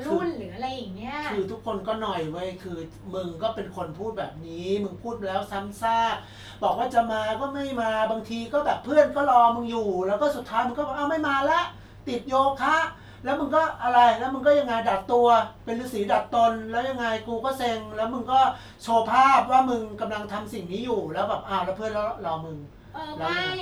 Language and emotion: Thai, frustrated